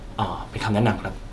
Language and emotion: Thai, neutral